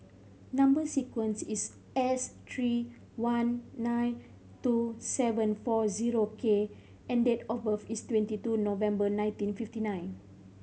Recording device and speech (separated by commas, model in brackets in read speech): mobile phone (Samsung C5010), read sentence